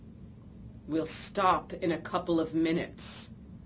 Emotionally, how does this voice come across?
angry